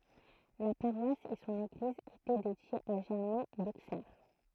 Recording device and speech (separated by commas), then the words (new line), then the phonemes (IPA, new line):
throat microphone, read sentence
La paroisse et son église étaient dédiées à Germain d'Auxerre.
la paʁwas e sɔ̃n eɡliz etɛ dedjez a ʒɛʁmɛ̃ doksɛʁ